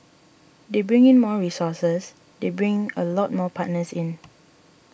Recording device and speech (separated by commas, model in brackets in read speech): boundary microphone (BM630), read sentence